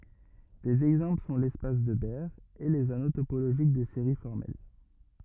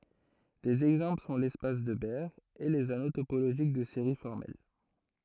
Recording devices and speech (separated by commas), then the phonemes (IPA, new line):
rigid in-ear microphone, throat microphone, read sentence
dez ɛɡzɑ̃pl sɔ̃ lɛspas də bɛʁ e lez ano topoloʒik də seʁi fɔʁmɛl